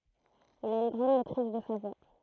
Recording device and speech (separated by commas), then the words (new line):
throat microphone, read sentence
Il a une grande maîtrise de sa voix.